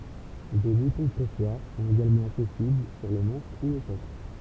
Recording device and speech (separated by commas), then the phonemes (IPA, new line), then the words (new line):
temple vibration pickup, read sentence
de butɔ̃ pʁɛswaʁ sɔ̃t eɡalmɑ̃ aksɛsibl syʁ lə mɑ̃ʃ u lə sɔkl
Des boutons-pressoirs sont également accessibles sur le manche ou le socle.